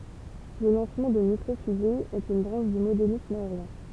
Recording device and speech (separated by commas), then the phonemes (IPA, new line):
temple vibration pickup, read sentence
lə lɑ̃smɑ̃ də mikʁo fyze ɛt yn bʁɑ̃ʃ dy modelism aeʁjɛ̃